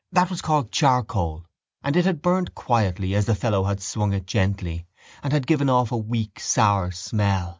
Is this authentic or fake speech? authentic